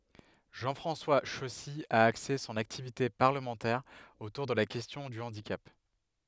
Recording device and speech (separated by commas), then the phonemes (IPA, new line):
headset microphone, read sentence
ʒɑ̃ fʁɑ̃swa ʃɔsi a akse sɔ̃n aktivite paʁləmɑ̃tɛʁ otuʁ də la kɛstjɔ̃ dy ɑ̃dikap